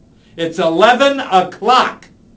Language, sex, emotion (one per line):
English
male
angry